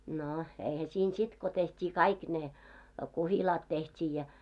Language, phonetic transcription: Finnish, no , eihä siin 'sit ko 'teht́ii "kaik 'ne , 'kuhilaat teht́ii ja .
- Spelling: no eihän siinä sitten kun tehtiin kaikki ne kuhilaat tehtiin ja

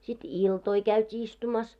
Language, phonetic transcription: Finnish, sit "iltoi 'käyt́ii istumas .
- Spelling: sitten iltoja käytiin istumassa

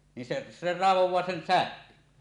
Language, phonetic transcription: Finnish, nin se , 'se "ràevoẁaa 'sen "sähkön .
- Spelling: niin se se raivaa sen sähkön

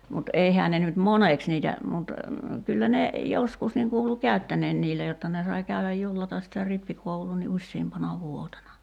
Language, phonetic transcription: Finnish, mut 'eihää ne nyt "moneks niitä mut , 'kyllä ne , 'joskus niŋ 'kuulu "kä̀y̬ttäǹeen 'niillä jotta ne sai 'käyväj "jullatas sitä 'rippikouluu ni 'uśsiimpana "vuotena .
- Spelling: mutta eihän ne nyt moneksi niitä mutta kyllä ne joskus niin kuului käyttäneen niillä jotta ne sai käydä jullata sitä rippikoulua niin useampana vuotena

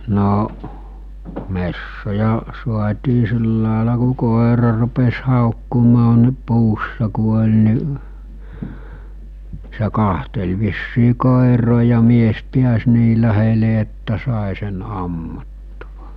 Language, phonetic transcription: Finnish, 'no’ , 'messoja , suat̜ii 'sìllàela ku 'kòera rupes hàokkumaa ni 'puussa ku oĺ ni’ , se 'kahtel vissii 'kòeroo ja 'mies 'piäs nii lähele että 'sàe sen 'ammuttᴜᴠᴀ .
- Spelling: no metsoja saatiin sillä lailla kun koira rupesi haukkumaan niin puussa kun oli niin se katseli vissiin koiraa ja mies pääsi niin lähelle että sai sen ammuttua

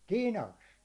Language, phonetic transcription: Finnish, 'tinast .
- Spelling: tinasta

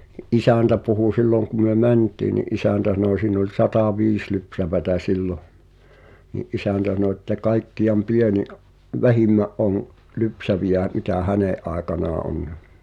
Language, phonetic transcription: Finnish, Ni’ "’isä̀ntä puhu 'silloŋ ku myö "mänt̀ii ni’ '’isä̀ntä sano siin ‿oĺ 'satàviis lypsävätä 'sillo , ni’ "’isä̀ntä (s)ano ᵉttä 'kaikki₍am "pieni’ , "vähimmä’ ’oŋ , 'lypsävijä , mitä "hänè’ ’aekanaa o(n) .
- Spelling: niin isäntä puhui silloin kun me mentiin niin isäntä sanoi siinä oli sataviisi lypsävää silloin niin isäntä sanoi että kaikkein pienin vähimmän on lypsäviä mitä hänen aikanaan on

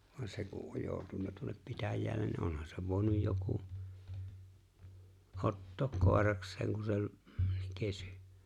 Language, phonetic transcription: Finnish, vŏan 'se ku’ '’oj 'jooᵘtunna tuonnep 'pitäjää(llen) ni 'onhan sev vòi̬nuj 'joku , '’ottook "kòerakseeŋ ku se ‿oĺ̀ , 'kesʏ .
- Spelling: vaan se kun on joutunut tuonne pitäjälle niin onhan sen voinut joku ottaa koirakseen kun se oli kesy

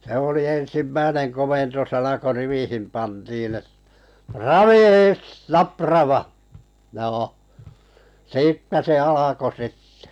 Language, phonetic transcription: Finnish, se oli "en̬simmäinen 'komentosana ko "rivihin pantiin ‿et , » "raviis "naprava « , 'joo , "siittä se 'alako 'sittᴇ .
- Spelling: se oli ensimmäinen komentosana kun riviin pantiin että raviis naprava joo siitä se alkoi sitten

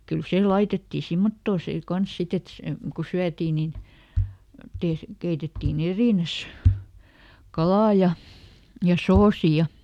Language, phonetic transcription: Finnish, ˈkyl ˈsè "laitettii ˈsimmottoo "see ˈkans ˈsit ‿et , se , ku "syätii nin , ˈtees- , ˈkeitettii"n ‿erìnäs , "kalà ja , ja "soosi ja ,.
- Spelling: kyllä se laitettiin semmottoon sen kanssa sitten että se kun syötiin niin - keitettiin erinään kala ja ja soosi ja

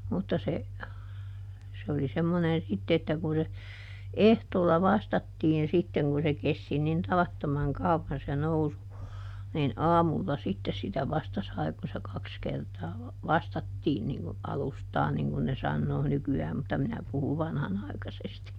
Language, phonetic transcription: Finnish, mutta se , se oli ˈsemmonen ˈsitte että kun se , "ehtoolla "vastattiin ˈsitteŋ kun se ˈkesti nin ˈtavattomaŋ "kauvvan se ˈnousu , nin "aamulla sittes sitä ˈvasta sai kun̬ se ˈkaks kertaa , "vastattiin niŋ ku , "alustaa niŋ kun ne ˈsannoo ˈnyky₍ääm mutta ˈminä puhuv̆ "vanhanài̮kasesti .
- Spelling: mutta se se oli semmoinen sitten että kun se ehtoolla vastattiin sitten kun se kesti niin tavattoman kauan se nousu niin aamulla sitten sitä vasta sai kun se kaksi kertaa vastattiin niin kuin alustaa niin kuin ne sanoo nykyään mutta minä puhun vanhanaikaisesti

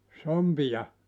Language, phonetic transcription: Finnish, "sompija ?
- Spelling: sompia

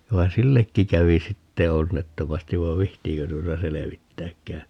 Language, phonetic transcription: Finnish, vai "sillekki 'kävi "sitte 'onnettomastiv vav̆ "vihtiikö tuota 'selevittääkkää .
- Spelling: vaan sillekin kävi sitten onnettomasti vaan viitsiikö tuota selvittääkään

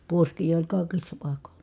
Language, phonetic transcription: Finnish, puoskii oĺ kài̮kissa pàikoN .
- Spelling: puoskia oli kaikissa paikoin

